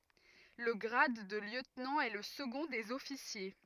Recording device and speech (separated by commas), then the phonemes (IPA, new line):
rigid in-ear microphone, read sentence
lə ɡʁad də ljøtnɑ̃ ɛ lə səɡɔ̃ dez ɔfisje